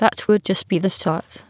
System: TTS, waveform concatenation